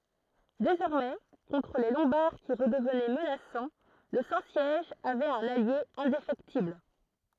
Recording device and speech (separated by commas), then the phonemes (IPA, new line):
throat microphone, read sentence
dezɔʁmɛ kɔ̃tʁ le lɔ̃baʁ ki ʁədəvnɛ mənasɑ̃ lə sɛ̃ sjɛʒ avɛt œ̃n alje ɛ̃defɛktibl